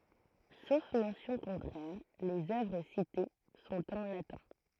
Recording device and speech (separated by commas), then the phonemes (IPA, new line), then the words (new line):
throat microphone, read sentence
sof mɑ̃sjɔ̃ kɔ̃tʁɛʁ lez œvʁ site sɔ̃t ɑ̃ latɛ̃
Sauf mention contraire, les œuvres citées sont en latin.